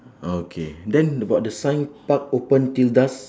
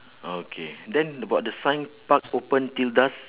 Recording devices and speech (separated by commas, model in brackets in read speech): standing microphone, telephone, conversation in separate rooms